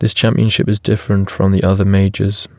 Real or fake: real